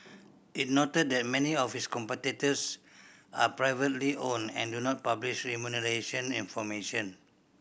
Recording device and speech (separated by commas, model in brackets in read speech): boundary microphone (BM630), read sentence